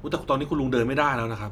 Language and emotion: Thai, neutral